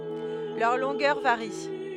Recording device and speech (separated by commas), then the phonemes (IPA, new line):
headset microphone, read sentence
lœʁ lɔ̃ɡœʁ vaʁi